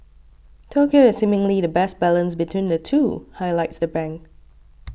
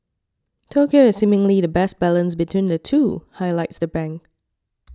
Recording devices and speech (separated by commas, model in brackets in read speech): boundary microphone (BM630), standing microphone (AKG C214), read sentence